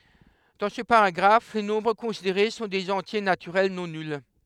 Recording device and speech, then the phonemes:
headset microphone, read sentence
dɑ̃ sə paʁaɡʁaf le nɔ̃bʁ kɔ̃sideʁe sɔ̃ dez ɑ̃tje natyʁɛl nɔ̃ nyl

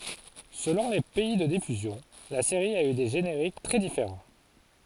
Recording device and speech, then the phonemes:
forehead accelerometer, read sentence
səlɔ̃ le pɛi də difyzjɔ̃ la seʁi a y de ʒeneʁik tʁɛ difeʁɑ̃

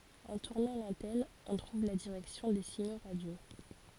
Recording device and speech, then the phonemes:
forehead accelerometer, read sentence
ɑ̃ tuʁnɑ̃ lɑ̃tɛn ɔ̃ tʁuv la diʁɛksjɔ̃ de siɲo ʁadjo

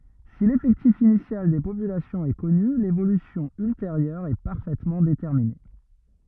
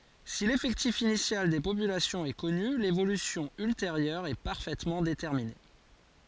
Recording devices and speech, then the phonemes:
rigid in-ear microphone, forehead accelerometer, read sentence
si lefɛktif inisjal de popylasjɔ̃z ɛ kɔny levolysjɔ̃ ylteʁjœʁ ɛ paʁfɛtmɑ̃ detɛʁmine

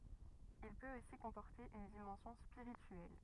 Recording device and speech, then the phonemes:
rigid in-ear microphone, read sentence
il pøt osi kɔ̃pɔʁte yn dimɑ̃sjɔ̃ spiʁityɛl

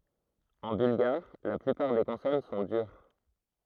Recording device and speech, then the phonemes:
throat microphone, read sentence
ɑ̃ bylɡaʁ la plypaʁ de kɔ̃sɔn sɔ̃ dyʁ

